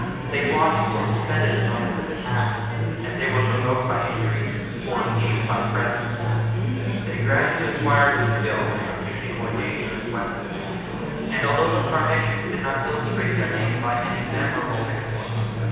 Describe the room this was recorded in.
A large and very echoey room.